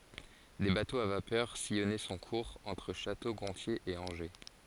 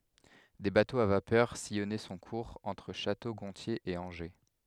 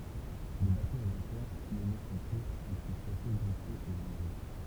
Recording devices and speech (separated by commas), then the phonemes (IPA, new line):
forehead accelerometer, headset microphone, temple vibration pickup, read sentence
de batoz a vapœʁ sijɔnɛ sɔ̃ kuʁz ɑ̃tʁ ʃato ɡɔ̃tje e ɑ̃ʒe